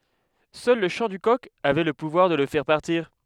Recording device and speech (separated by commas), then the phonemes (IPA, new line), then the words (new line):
headset microphone, read sentence
sœl lə ʃɑ̃ dy kɔk avɛ lə puvwaʁ də lə fɛʁ paʁtiʁ
Seul le chant du coq avait le pouvoir de le faire partir.